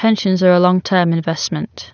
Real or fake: real